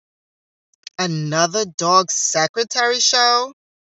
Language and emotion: English, disgusted